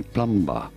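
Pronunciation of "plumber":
'Plumber' is pronounced incorrectly here, with the b sounded.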